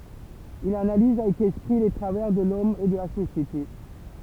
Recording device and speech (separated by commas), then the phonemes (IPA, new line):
temple vibration pickup, read sentence
il analiz avɛk ɛspʁi le tʁavɛʁ də lɔm e də la sosjete